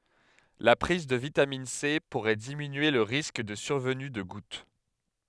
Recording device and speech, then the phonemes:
headset microphone, read sentence
la pʁiz də vitamin se puʁɛ diminye lə ʁisk də syʁvəny də ɡut

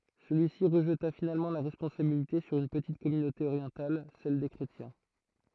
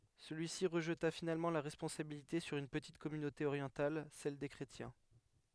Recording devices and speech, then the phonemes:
throat microphone, headset microphone, read sentence
səlyisi ʁəʒta finalmɑ̃ la ʁɛspɔ̃sabilite syʁ yn pətit kɔmynote oʁjɑ̃tal sɛl de kʁetjɛ̃

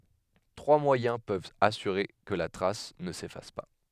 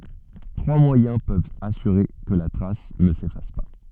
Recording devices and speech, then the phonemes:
headset microphone, soft in-ear microphone, read sentence
tʁwa mwajɛ̃ pøvt asyʁe kə la tʁas nə sefas pa

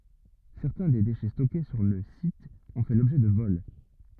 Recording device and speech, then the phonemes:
rigid in-ear microphone, read sentence
sɛʁtɛ̃ de deʃɛ stɔke syʁ lə sit ɔ̃ fɛ lɔbʒɛ də vɔl

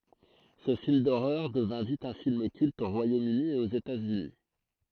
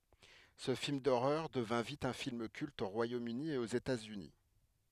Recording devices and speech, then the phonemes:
throat microphone, headset microphone, read sentence
sə film doʁœʁ dəvɛ̃ vit œ̃ film kylt o ʁwajomøni e oz etatsyni

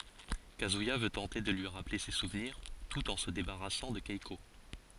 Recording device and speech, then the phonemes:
forehead accelerometer, read sentence
kazyija vø tɑ̃te də lyi ʁaple se suvniʁ tut ɑ̃ sə debaʁasɑ̃ də kɛko

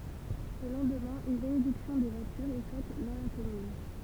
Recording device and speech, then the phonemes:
temple vibration pickup, read sentence
lə lɑ̃dmɛ̃ yn benediksjɔ̃ de vwatyʁz ɛ fɛt dɑ̃ la kɔmyn

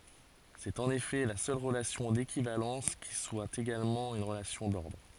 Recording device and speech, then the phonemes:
forehead accelerometer, read sentence
sɛt ɑ̃n efɛ la sœl ʁəlasjɔ̃ dekivalɑ̃s ki swa eɡalmɑ̃ yn ʁəlasjɔ̃ dɔʁdʁ

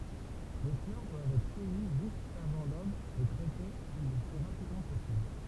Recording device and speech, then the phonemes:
temple vibration pickup, read sentence
le flœʁ dwavt ɛtʁ kœji ʒyst avɑ̃ lob e tʁɛte lə ply ʁapidmɑ̃ pɔsibl

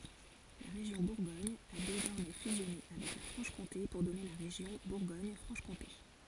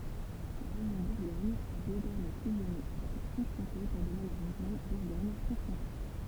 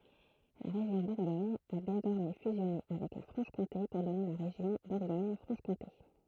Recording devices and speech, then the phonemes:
forehead accelerometer, temple vibration pickup, throat microphone, read sentence
la ʁeʒjɔ̃ buʁɡɔɲ a dezɔʁmɛ fyzjɔne avɛk la fʁɑ̃ʃkɔ̃te puʁ dɔne la ʁeʒjɔ̃ buʁɡoɲfʁɑ̃ʃkɔ̃te

